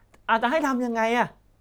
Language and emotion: Thai, frustrated